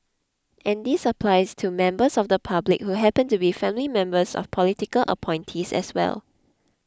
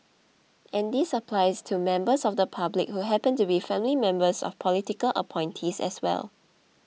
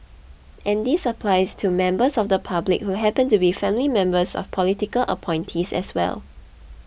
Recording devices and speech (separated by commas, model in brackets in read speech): close-talking microphone (WH20), mobile phone (iPhone 6), boundary microphone (BM630), read sentence